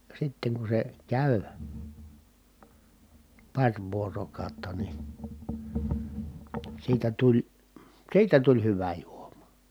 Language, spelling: Finnish, sitten kun se kävi pari vuorokautta niin siitä tuli siitä tuli hyvä juoma
- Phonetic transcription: sitteŋ ku se , kä̀y , paŕ vuorokàotta ni , siitä tuĺ , siitä tuĺ hyvä juomA .

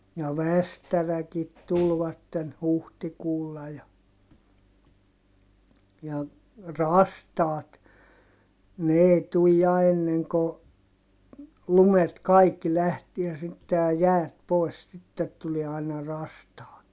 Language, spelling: Finnish, ja västäräkit tulivat huhtikuulla ja ja rastaat ne ei tule ja ennen kuin lumet kaikki lähtee sitten ja jäät pois sitten tulee aina rastaat
- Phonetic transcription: ja västäräkit tulvatten , huhtikuulla ja , ja , rastaat , ne èi tuj ja enneŋ ko , lumet kaikki lähtiä sitte ja jäät poi̮s sittet tulie aina rastaat .

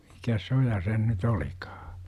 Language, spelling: Finnish, mikäs se on ja se nyt olikaan
- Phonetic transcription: mikäs' s ‿o ja sen nyt olikAA ?

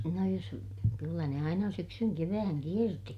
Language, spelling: Finnish, no jos kyllä ne aina syksyn kevään kiersi
- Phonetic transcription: no jos , kyllä ne aina syksyŋ kevääŋ kierti .

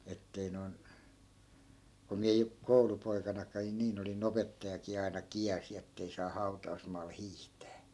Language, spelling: Finnish, että ei noin kun minä jo koulupoikanakin niin olin opettajakin aina kielsi että ei saa hautausmaalla hiihtää
- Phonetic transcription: 'ettei noi̮n , ku 'miä jo , 'koulupoikana(k̆kain) 'niin ‿oli"n ‿opettajakii aina "kiälsi ettei saa 'hau̬ta₍usmaal 'hiihtää .

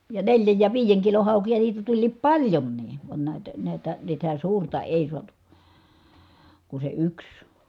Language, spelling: Finnish, ja neljän ja viiden kilon haukia niitä tuli paljonkin vaan näitä näitä sitä suurta ei saatu kuin se yksi
- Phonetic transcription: ja neljäj ja viijeŋ kilon̬ hàukija niitä tuĺliip paĺjonnii , van nä̀itä , nä̀itä , sitä suurta èi suatu , ku se yks .

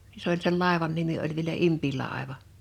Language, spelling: Finnish, niin se oli sen laivan nimi oli vielä Impilaiva
- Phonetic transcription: (ni) se ‿oĺ sel 'làevan nimi oĺ vielä 'Impilàeva .

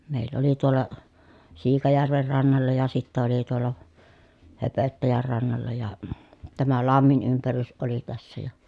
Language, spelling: Finnish, meillä oli tuolla Siikajärven rannalla ja sitten oli tuolla Höpöttäjän rannalla ja tämä lammen ympärys oli tässä ja
- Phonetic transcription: mèill ‿oli tuol̀a , Siikajärver rannalla ja sittä oli tuol̀a , Höpöttäjär rannalla ja , tämä lammin ympärys oli tässä ja ,.

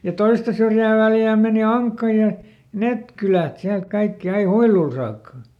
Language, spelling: Finnish, ja toista syrjää Väljää meni Ankka ja ne kylät sieltä kaikki aina Huiluun saakka
- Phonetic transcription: ja "toista syrjää ˈVäljää mèni "Aŋkka ja , ˈnet kylät ˈsiält ˈkaikki ai "Huiluu saakka .

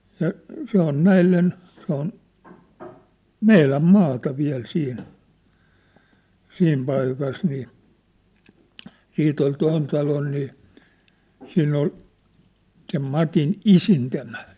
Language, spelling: Finnish, ja se on näille se on meidän maata vielä siinä siinä paikassa niin siitä oli tuon talon niin siinä oli sen Matin isintimä
- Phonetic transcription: ja , se ‿on "näillen , se ‿on , "meiläm 'maata 'viäl 'siin , 'siim paikas nii , 'siit ‿ol 'toin talon nii , 'siinn ‿ol , sem 'Matin "isintämä .

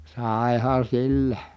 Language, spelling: Finnish, saihan sillä
- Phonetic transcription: sài̮han̬ sillä .

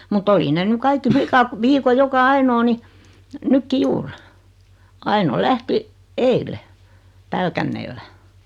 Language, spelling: Finnish, mutta oli ne nyt kaikki likat viikon joka ainoa niin nytkin juuri Aino lähti eilen Pälkäneellä
- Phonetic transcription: mu't ‿oli ne 'ny "kaikki 'flikat , 'viiko 'joka "ainoo ni , 'nykki "juur , 'Aino "lähti , "eile , "Pälkänneellä .

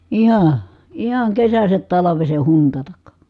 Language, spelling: Finnish, ihan ihan kesästä talveen huntata
- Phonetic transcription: iha , ihaŋ kesäsät talaveseh huntatak .

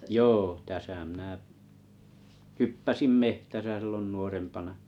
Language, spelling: Finnish, joo tässä minä hyppäsin metsässä silloin nuorempana
- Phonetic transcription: joo täsä mⁱnä "hyppäsim "me(h)täsä sⁱllon 'nuorempana .

